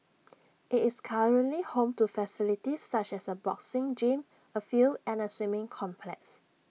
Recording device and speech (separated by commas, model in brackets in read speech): mobile phone (iPhone 6), read sentence